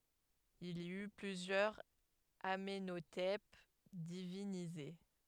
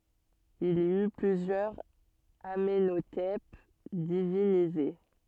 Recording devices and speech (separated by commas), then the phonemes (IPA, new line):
headset microphone, soft in-ear microphone, read sentence
il i y plyzjœʁz amɑ̃notɛp divinize